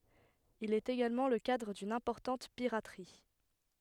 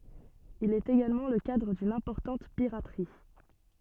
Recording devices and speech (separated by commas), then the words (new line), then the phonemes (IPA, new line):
headset microphone, soft in-ear microphone, read sentence
Il est également le cadre d'une importante piraterie.
il ɛt eɡalmɑ̃ lə kadʁ dyn ɛ̃pɔʁtɑ̃t piʁatʁi